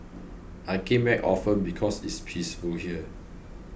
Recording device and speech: boundary microphone (BM630), read sentence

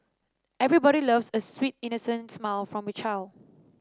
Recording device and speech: standing microphone (AKG C214), read sentence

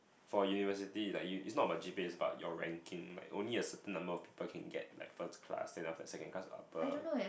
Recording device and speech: boundary microphone, conversation in the same room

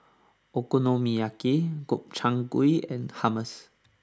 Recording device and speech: standing microphone (AKG C214), read sentence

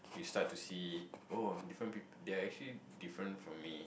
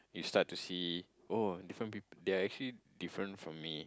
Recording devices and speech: boundary microphone, close-talking microphone, conversation in the same room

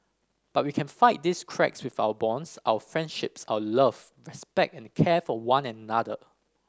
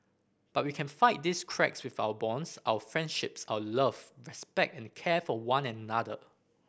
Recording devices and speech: standing microphone (AKG C214), boundary microphone (BM630), read sentence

